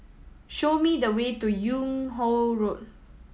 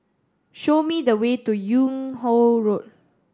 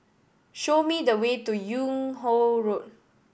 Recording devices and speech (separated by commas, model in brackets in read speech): mobile phone (iPhone 7), standing microphone (AKG C214), boundary microphone (BM630), read sentence